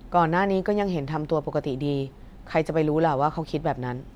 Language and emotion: Thai, neutral